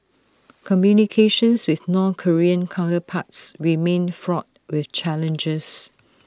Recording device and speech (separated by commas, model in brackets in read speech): standing microphone (AKG C214), read sentence